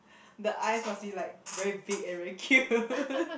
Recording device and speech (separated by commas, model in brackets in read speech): boundary microphone, conversation in the same room